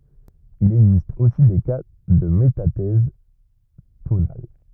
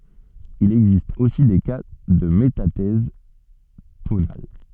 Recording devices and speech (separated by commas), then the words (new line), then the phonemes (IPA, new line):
rigid in-ear microphone, soft in-ear microphone, read sentence
Il existe aussi des cas de métathèse tonale.
il ɛɡzist osi de ka də metatɛz tonal